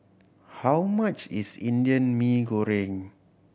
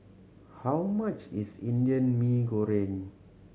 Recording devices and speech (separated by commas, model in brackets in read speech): boundary microphone (BM630), mobile phone (Samsung C7100), read sentence